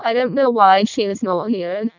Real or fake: fake